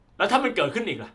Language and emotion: Thai, angry